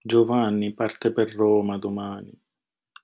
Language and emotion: Italian, sad